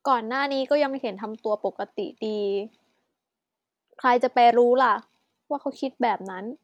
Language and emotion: Thai, frustrated